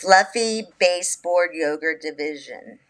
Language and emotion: English, neutral